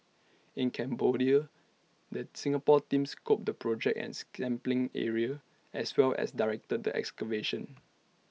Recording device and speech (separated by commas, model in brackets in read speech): mobile phone (iPhone 6), read sentence